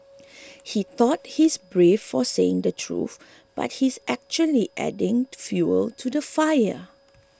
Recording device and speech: close-talking microphone (WH20), read sentence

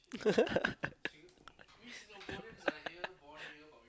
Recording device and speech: close-talking microphone, conversation in the same room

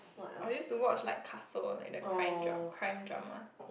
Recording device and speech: boundary microphone, conversation in the same room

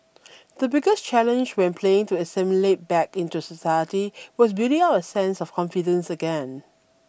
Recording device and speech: boundary microphone (BM630), read sentence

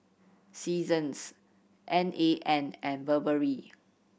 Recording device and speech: boundary microphone (BM630), read sentence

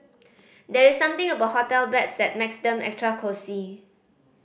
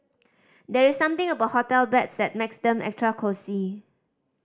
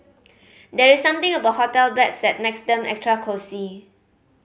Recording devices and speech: boundary microphone (BM630), standing microphone (AKG C214), mobile phone (Samsung C5010), read sentence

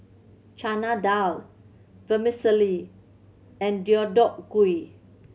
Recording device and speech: mobile phone (Samsung C7100), read sentence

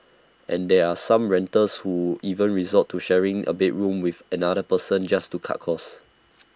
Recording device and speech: standing microphone (AKG C214), read sentence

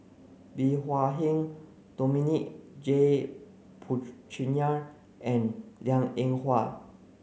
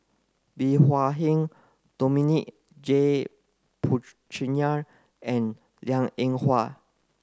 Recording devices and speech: mobile phone (Samsung C9), close-talking microphone (WH30), read sentence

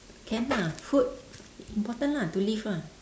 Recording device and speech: standing microphone, conversation in separate rooms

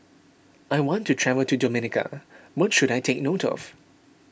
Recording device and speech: boundary microphone (BM630), read sentence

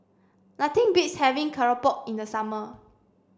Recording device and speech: standing microphone (AKG C214), read sentence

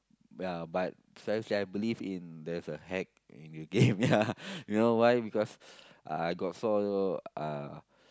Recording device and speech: close-talking microphone, conversation in the same room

